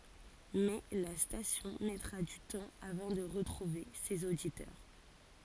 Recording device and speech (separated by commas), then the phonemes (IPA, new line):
forehead accelerometer, read sentence
mɛ la stasjɔ̃ mɛtʁa dy tɑ̃ avɑ̃ də ʁətʁuve sez oditœʁ